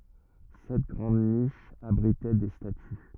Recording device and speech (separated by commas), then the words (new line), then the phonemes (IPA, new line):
rigid in-ear microphone, read sentence
Sept grandes niches abritaient des statues.
sɛt ɡʁɑ̃d niʃz abʁitɛ de staty